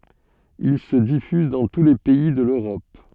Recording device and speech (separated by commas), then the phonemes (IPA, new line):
soft in-ear microphone, read sentence
il sə difyz dɑ̃ tu le pɛi də løʁɔp